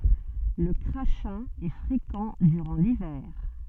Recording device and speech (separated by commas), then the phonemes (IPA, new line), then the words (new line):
soft in-ear microphone, read sentence
lə kʁaʃɛ̃ ɛ fʁekɑ̃ dyʁɑ̃ livɛʁ
Le crachin est fréquent durant l'hiver.